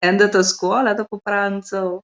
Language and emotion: Italian, happy